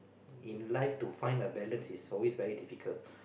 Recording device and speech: boundary microphone, conversation in the same room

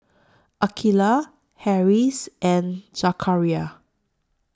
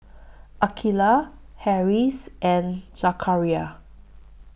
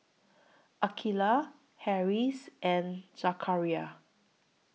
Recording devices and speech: standing microphone (AKG C214), boundary microphone (BM630), mobile phone (iPhone 6), read sentence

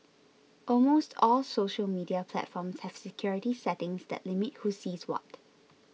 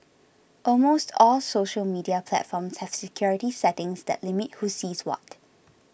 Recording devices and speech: mobile phone (iPhone 6), boundary microphone (BM630), read sentence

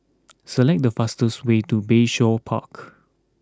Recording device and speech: close-talking microphone (WH20), read sentence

